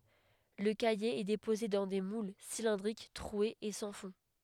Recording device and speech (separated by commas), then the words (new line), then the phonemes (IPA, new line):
headset microphone, read sentence
Le caillé est déposé dans des moules cylindriques troués et sans fond.
lə kaje ɛ depoze dɑ̃ de mul silɛ̃dʁik tʁwez e sɑ̃ fɔ̃